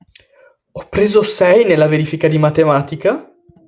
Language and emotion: Italian, surprised